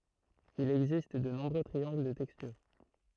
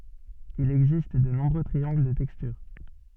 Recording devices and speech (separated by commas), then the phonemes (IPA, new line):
throat microphone, soft in-ear microphone, read sentence
il ɛɡzist də nɔ̃bʁø tʁiɑ̃ɡl də tɛkstyʁ